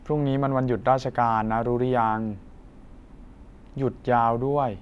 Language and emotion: Thai, frustrated